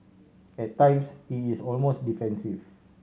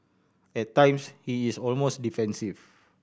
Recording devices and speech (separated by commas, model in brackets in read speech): mobile phone (Samsung C7100), boundary microphone (BM630), read sentence